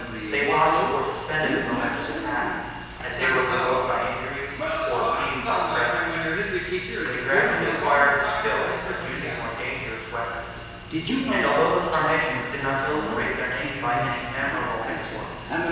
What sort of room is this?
A large and very echoey room.